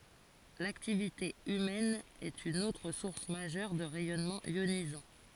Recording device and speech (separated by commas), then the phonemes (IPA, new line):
forehead accelerometer, read sentence
laktivite ymɛn ɛt yn otʁ suʁs maʒœʁ də ʁɛjɔnmɑ̃z jonizɑ̃